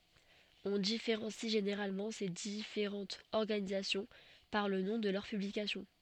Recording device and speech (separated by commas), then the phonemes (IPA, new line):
soft in-ear microphone, read sentence
ɔ̃ difeʁɑ̃si ʒeneʁalmɑ̃ se difeʁɑ̃tz ɔʁɡanizasjɔ̃ paʁ lə nɔ̃ də lœʁ pyblikasjɔ̃